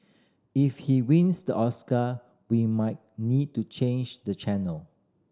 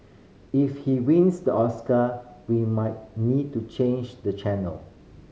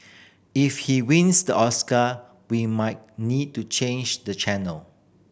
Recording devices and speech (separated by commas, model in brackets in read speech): standing microphone (AKG C214), mobile phone (Samsung C5010), boundary microphone (BM630), read sentence